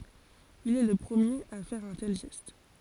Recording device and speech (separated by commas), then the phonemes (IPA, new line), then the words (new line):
forehead accelerometer, read sentence
il ɛ lə pʁəmjeʁ a fɛʁ œ̃ tɛl ʒɛst
Il est le premier à faire un tel geste.